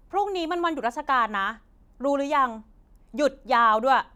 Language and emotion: Thai, frustrated